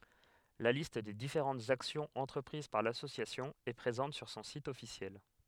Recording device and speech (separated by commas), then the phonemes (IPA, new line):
headset microphone, read sentence
la list de difeʁɑ̃tz aksjɔ̃z ɑ̃tʁəpʁiz paʁ lasosjasjɔ̃ ɛ pʁezɑ̃t syʁ sɔ̃ sit ɔfisjɛl